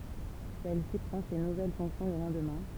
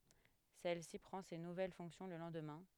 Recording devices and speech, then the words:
temple vibration pickup, headset microphone, read sentence
Celle-ci prend ses nouvelles fonctions le lendemain.

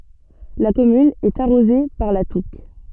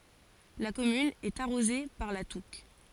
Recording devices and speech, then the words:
soft in-ear microphone, forehead accelerometer, read sentence
La commune est arrosée par la Touques.

